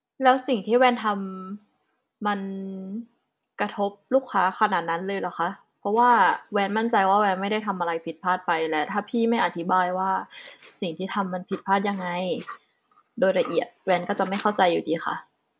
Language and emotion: Thai, frustrated